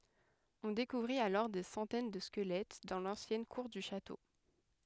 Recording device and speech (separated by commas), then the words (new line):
headset microphone, read sentence
On découvrit alors des centaines de squelettes dans l'ancienne cour du château.